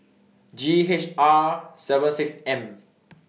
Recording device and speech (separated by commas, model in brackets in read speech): mobile phone (iPhone 6), read sentence